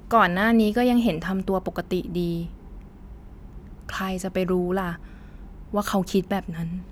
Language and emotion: Thai, sad